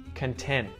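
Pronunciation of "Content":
In 'content', the T at the end, after the N, is muted.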